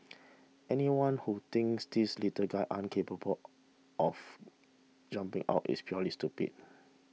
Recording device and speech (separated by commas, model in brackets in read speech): mobile phone (iPhone 6), read sentence